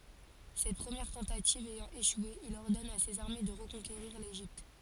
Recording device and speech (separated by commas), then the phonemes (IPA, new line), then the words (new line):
forehead accelerometer, read sentence
sɛt pʁəmjɛʁ tɑ̃tativ ɛjɑ̃ eʃwe il ɔʁdɔn a sez aʁme də ʁəkɔ̃keʁiʁ leʒipt
Cette première tentative ayant échoué, il ordonne à ses armées de reconquérir l'Égypte.